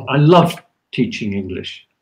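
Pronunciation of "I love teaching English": In 'I love teaching English', the tonic stress falls on 'love'.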